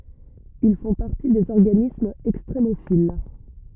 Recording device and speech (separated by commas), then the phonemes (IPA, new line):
rigid in-ear microphone, read sentence
il fɔ̃ paʁti dez ɔʁɡanismz ɛkstʁemofil